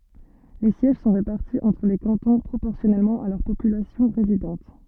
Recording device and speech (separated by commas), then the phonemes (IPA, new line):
soft in-ear microphone, read sentence
le sjɛʒ sɔ̃ ʁepaʁti ɑ̃tʁ le kɑ̃tɔ̃ pʁopɔʁsjɔnɛlmɑ̃ a lœʁ popylasjɔ̃ ʁezidɑ̃t